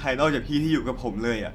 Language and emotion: Thai, frustrated